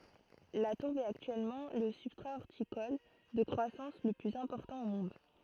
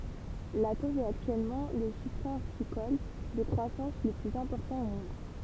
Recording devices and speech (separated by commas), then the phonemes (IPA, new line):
throat microphone, temple vibration pickup, read sentence
la tuʁb ɛt aktyɛlmɑ̃ lə sybstʁa ɔʁtikɔl də kʁwasɑ̃s lə plyz ɛ̃pɔʁtɑ̃ o mɔ̃d